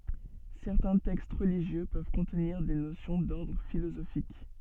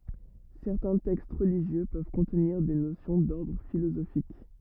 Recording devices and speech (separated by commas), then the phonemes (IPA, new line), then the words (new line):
soft in-ear microphone, rigid in-ear microphone, read sentence
sɛʁtɛ̃ tɛkst ʁəliʒjø pøv kɔ̃tniʁ de nosjɔ̃ dɔʁdʁ filozofik
Certains textes religieux peuvent contenir des notions d'ordre philosophique.